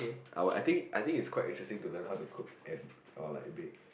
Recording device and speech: boundary microphone, conversation in the same room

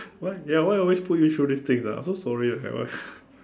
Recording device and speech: standing microphone, conversation in separate rooms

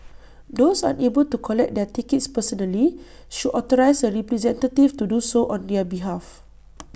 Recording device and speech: boundary microphone (BM630), read sentence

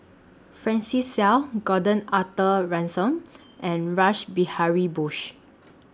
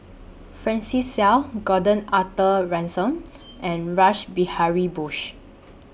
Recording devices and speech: standing microphone (AKG C214), boundary microphone (BM630), read sentence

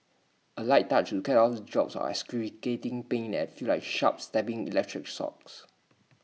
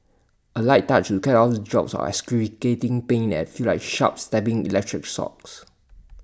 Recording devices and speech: mobile phone (iPhone 6), standing microphone (AKG C214), read sentence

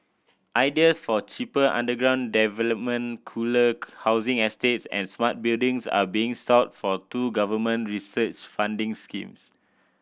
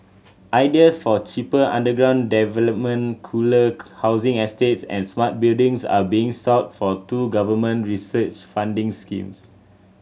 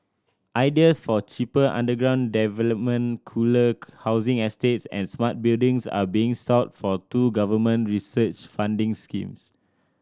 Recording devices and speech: boundary microphone (BM630), mobile phone (Samsung C7100), standing microphone (AKG C214), read sentence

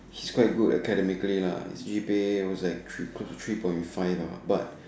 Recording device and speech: standing microphone, conversation in separate rooms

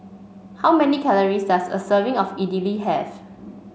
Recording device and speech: mobile phone (Samsung C5), read sentence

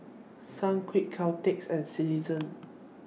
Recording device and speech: mobile phone (iPhone 6), read sentence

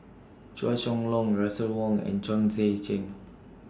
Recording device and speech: standing microphone (AKG C214), read sentence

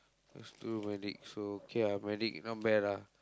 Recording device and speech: close-talking microphone, conversation in the same room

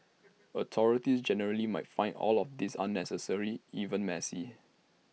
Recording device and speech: mobile phone (iPhone 6), read sentence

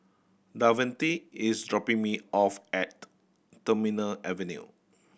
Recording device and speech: boundary microphone (BM630), read sentence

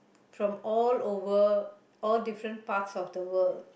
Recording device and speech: boundary microphone, conversation in the same room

